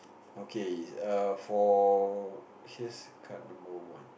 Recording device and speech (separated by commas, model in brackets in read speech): boundary microphone, conversation in the same room